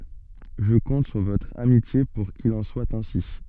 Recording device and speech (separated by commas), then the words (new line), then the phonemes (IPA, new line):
soft in-ear microphone, read sentence
Je compte sur votre amitié pour qu'il en soit ainsi.
ʒə kɔ̃t syʁ votʁ amitje puʁ kil ɑ̃ swa ɛ̃si